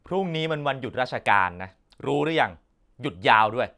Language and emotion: Thai, frustrated